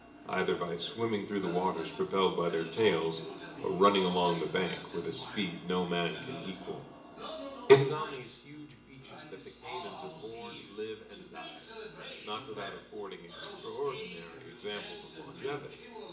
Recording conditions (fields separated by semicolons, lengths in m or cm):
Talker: one person; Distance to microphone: 1.8 m; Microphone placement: close; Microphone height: 1.0 m; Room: large; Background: television